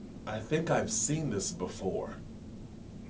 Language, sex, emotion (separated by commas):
English, male, neutral